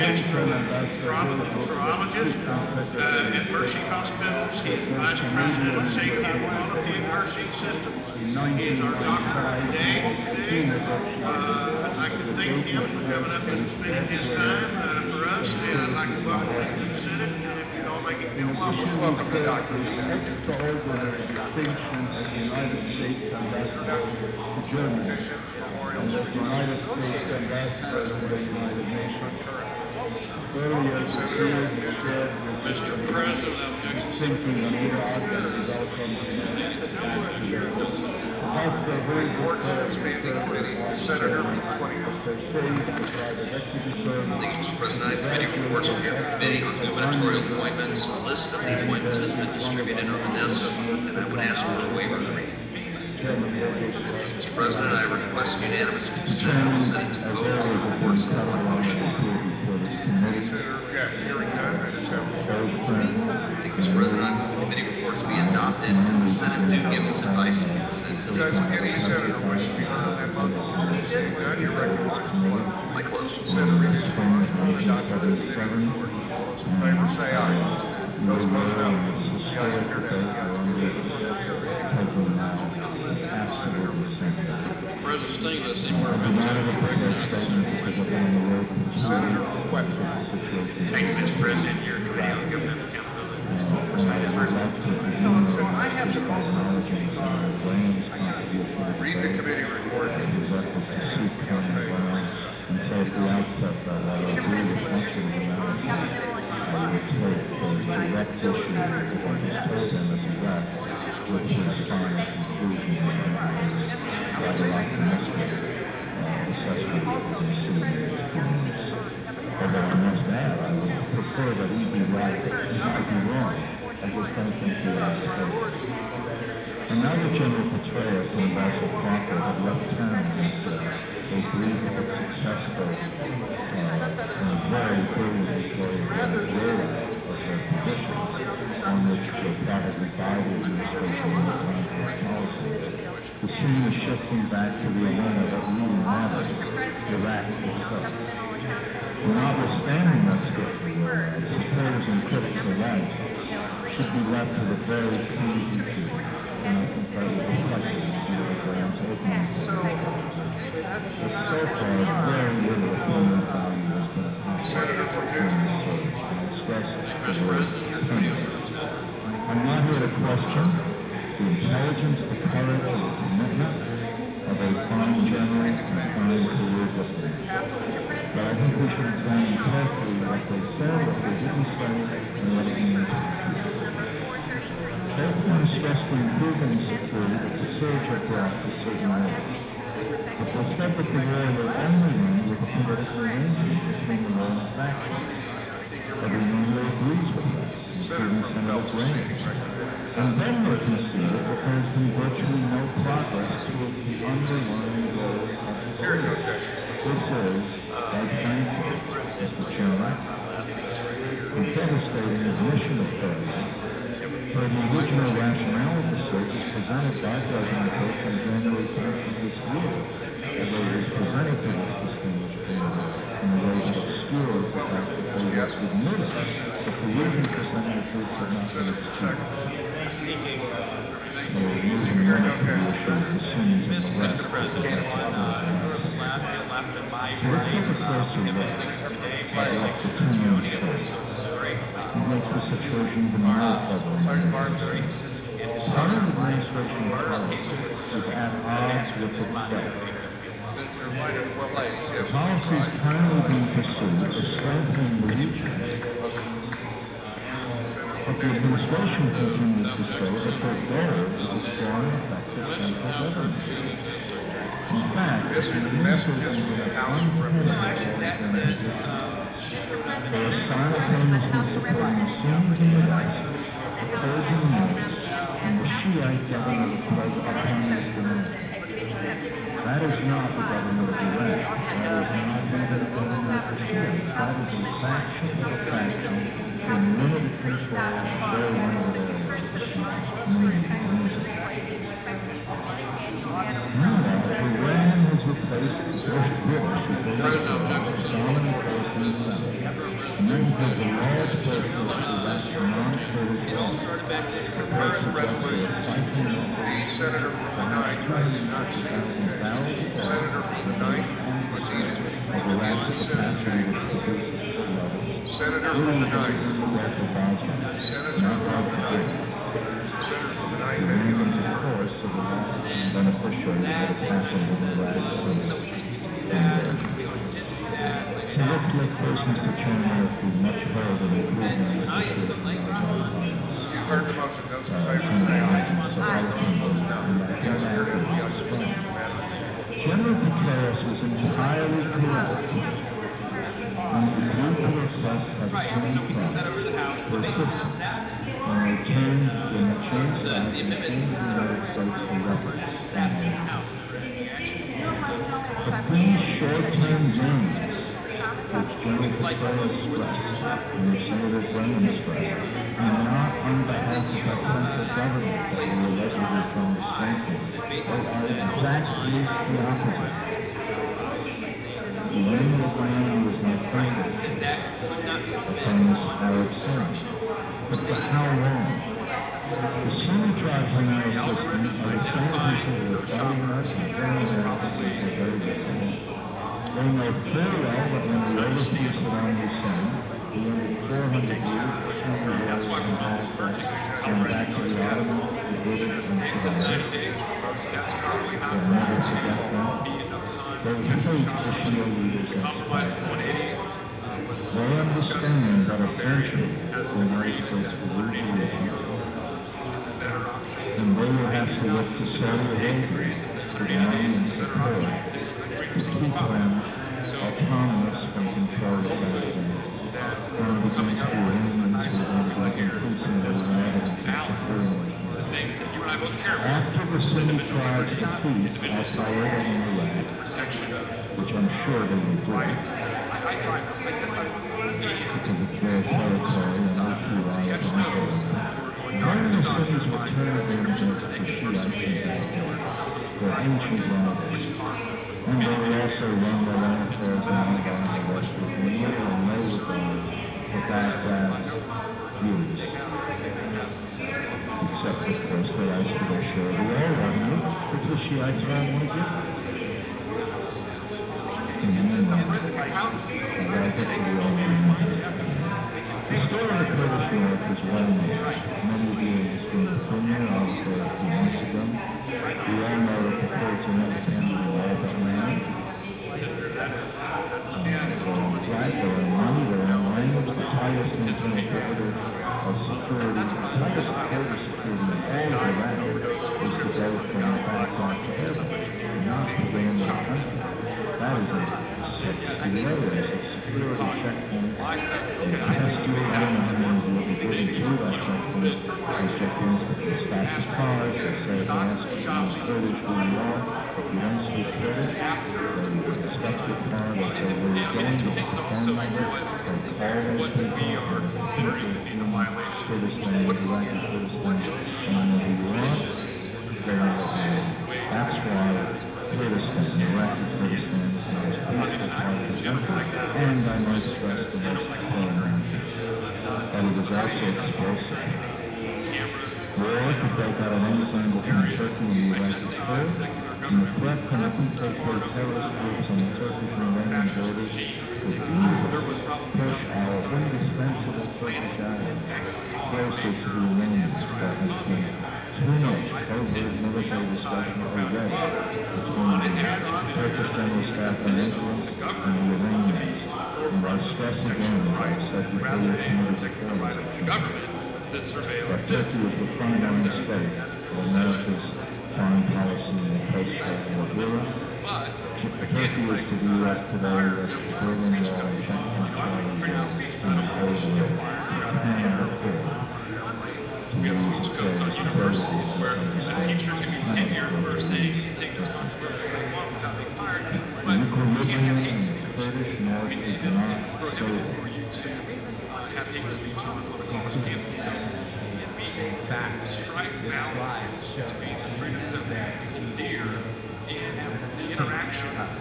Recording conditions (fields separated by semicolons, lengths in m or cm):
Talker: no one; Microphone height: 1.1 m; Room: very reverberant, large; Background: babble